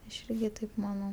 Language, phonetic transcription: Lithuanian, aš ˈirgi taip maˈnau

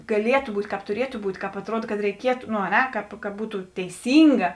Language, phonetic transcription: Lithuanian, gaˈlietu ˈbūt' ˈkāp tuˈrietu ˈbūt' kāp atˈruod kad reiˈkietu no a ˈne ˈkāp ka ˈbūtu teiˈsynga

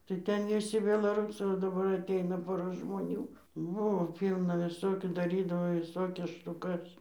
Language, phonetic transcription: Lithuanian, tai ˈten viˈsi belaˈrūsai o daˈbar atˈeina ˈpora žmoˈnių ˈbuvo ˈpylna viˈsokių daˈrydavo viˈsokias štuˈkas

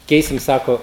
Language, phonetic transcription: Lithuanian, ˈkeisim ˈsako

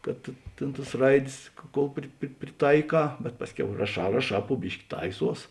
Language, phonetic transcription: Lithuanian, kad ˈtėn tas ˈraidės kol ˈpri pri priˈtaiˌkā bet ˈpasˌkiau raˈšā raˈšā pu ˈbiški ˈtaiˌsuos

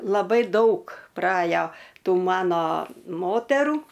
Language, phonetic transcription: Lithuanian, laˈbai ˈdaug praˈajo ˈtų ˈmano ˈmoterų

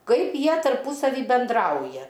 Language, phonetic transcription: Lithuanian, ˈkaip ˈjie tarˈpusavy benˈdrauja

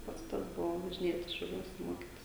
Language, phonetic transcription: Lithuanian, ˈpats ˈtas ˈbuvo važiˈnėtis šiauˈliuos ˈmokitis

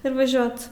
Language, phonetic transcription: Lithuanian, ir vaˈžiot

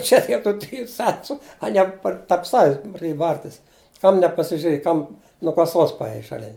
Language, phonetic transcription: Lithuanian, ˈčia die tų ˈtriju ˈcentu aˈnie ˈpar tarp ˈsavis praˈdėja ˈbartis ˈkam nepasižiuˈrėj ˈkam nuo kaˈsos paˈėjai šaˈlin

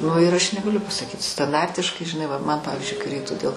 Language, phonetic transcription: Lithuanian, ˈnu ir ˈaš negaˈliu pasaˈkyt stanˈdartiškai žiˈnai va ˈman ˈpavizdžiui kai ˈreiktu dėl

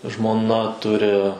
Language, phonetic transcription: Lithuanian, žmoˈna ˈturi

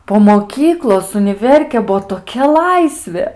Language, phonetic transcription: Lithuanian, po moˈkyklos uniˈverkė ˈbuo toˈkia ˈlaisvė

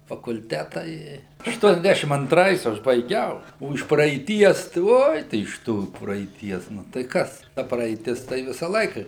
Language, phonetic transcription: Lithuanian, fakulˈteta ˈi ašˈtuoniasˌdæšim anˈtrais ˈaš baiˈgiau ˈo iš praeiˈties tai ˈoj tai iš ˈtų praeiˈties ˈnu tai ˈkas ˈta praeiˈtis ˈtai ˈvisa ˈlaika

